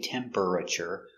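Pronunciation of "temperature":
'Temperature' is pronounced incorrectly here: the er in the middle of the word is sounded out.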